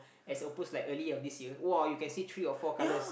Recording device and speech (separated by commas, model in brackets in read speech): boundary microphone, conversation in the same room